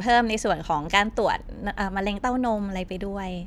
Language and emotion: Thai, neutral